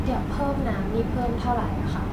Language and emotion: Thai, neutral